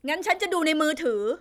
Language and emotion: Thai, frustrated